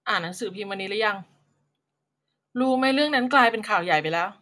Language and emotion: Thai, frustrated